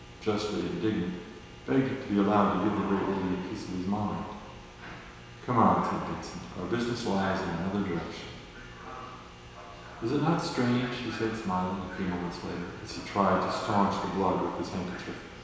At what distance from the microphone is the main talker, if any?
1.7 m.